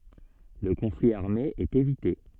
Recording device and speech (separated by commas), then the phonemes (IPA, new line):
soft in-ear microphone, read sentence
lə kɔ̃fli aʁme ɛt evite